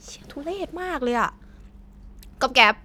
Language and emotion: Thai, frustrated